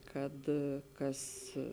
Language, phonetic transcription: Lithuanian, ˈkad ˈkas

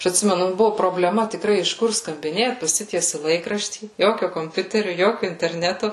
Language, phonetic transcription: Lithuanian, ˈaš atˈsimenu ˈbuvu probleˈma tikˈrai iš ˈkur skambiˈnėt paˈsitiesi ˈlaikraštį ˈjokio komˈpiuteriu ˈjokiu interˈnetu

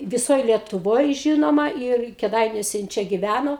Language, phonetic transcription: Lithuanian, viˈsoj lietuˈvoj ˈžinoma ir keˈdainiuose jin ˈčia giˈvæno

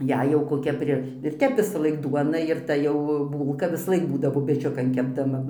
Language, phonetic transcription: Lithuanian, ˈjei jau koˈkia ˈpri ir ˈtep visaˈlaik ˈduona ir ˈta jau ˈbūlka visaˈlaik ˈbūdavo peˈčiukan kepdaˈma

